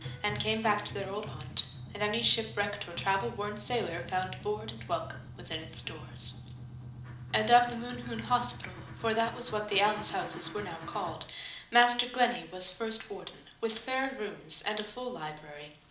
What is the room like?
A moderately sized room (about 5.7 m by 4.0 m).